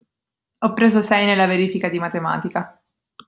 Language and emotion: Italian, neutral